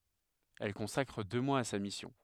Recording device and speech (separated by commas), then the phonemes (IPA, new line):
headset microphone, read sentence
ɛl kɔ̃sakʁ dø mwaz a sa misjɔ̃